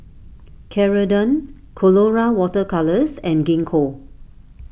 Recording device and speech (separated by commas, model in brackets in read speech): boundary microphone (BM630), read sentence